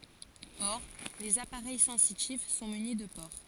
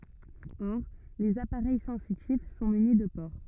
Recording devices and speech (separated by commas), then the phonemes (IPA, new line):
forehead accelerometer, rigid in-ear microphone, read sentence
ɔʁ lez apaʁɛj sɑ̃sitif sɔ̃ myni də poʁ